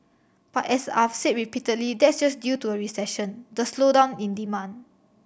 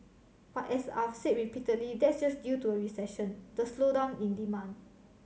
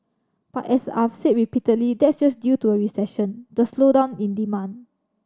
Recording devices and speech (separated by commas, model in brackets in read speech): boundary microphone (BM630), mobile phone (Samsung C7100), standing microphone (AKG C214), read sentence